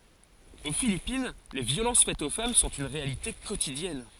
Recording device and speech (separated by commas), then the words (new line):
forehead accelerometer, read sentence
Aux Philippines, les violences faites aux femmes sont une réalité quotidienne.